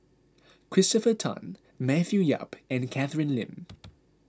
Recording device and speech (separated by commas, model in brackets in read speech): close-talking microphone (WH20), read sentence